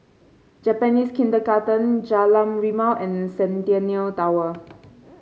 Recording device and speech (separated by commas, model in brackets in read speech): mobile phone (Samsung C5), read sentence